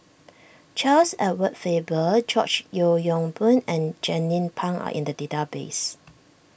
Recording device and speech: boundary microphone (BM630), read sentence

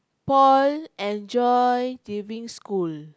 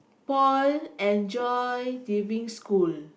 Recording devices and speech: close-talking microphone, boundary microphone, conversation in the same room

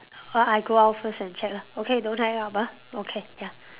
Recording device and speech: telephone, conversation in separate rooms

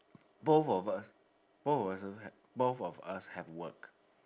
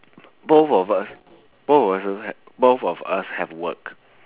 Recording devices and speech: standing microphone, telephone, conversation in separate rooms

